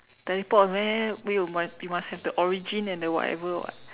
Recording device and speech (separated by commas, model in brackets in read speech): telephone, conversation in separate rooms